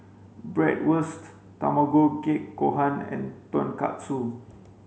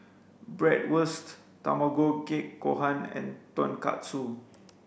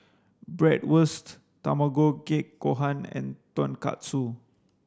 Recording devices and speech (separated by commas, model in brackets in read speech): mobile phone (Samsung C5), boundary microphone (BM630), standing microphone (AKG C214), read sentence